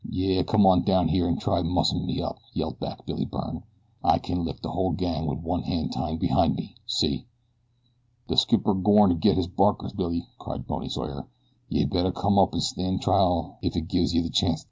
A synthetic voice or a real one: real